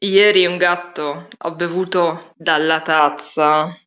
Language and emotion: Italian, disgusted